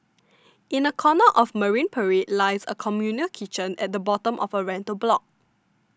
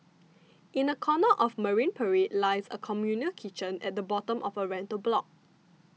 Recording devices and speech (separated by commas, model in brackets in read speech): standing microphone (AKG C214), mobile phone (iPhone 6), read sentence